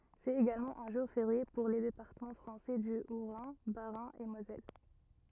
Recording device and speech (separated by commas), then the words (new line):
rigid in-ear microphone, read sentence
C'est également un jour férié pour les départements français du Haut-Rhin, Bas-Rhin et Moselle.